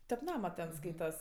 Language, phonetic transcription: Lithuanian, tep ˈnama ten ˈskaitas

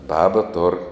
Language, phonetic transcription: Lithuanian, ˈbaba tor

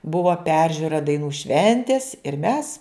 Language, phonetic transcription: Lithuanian, ˈbuva ˈperžiura daiˈnų ˈšventės ir mes

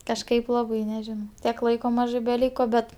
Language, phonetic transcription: Lithuanian, kažˈkaip ˈlabai neˈžinau ˈtiek ˈlaiko ˈmažɜ beˈlyko ˈbet

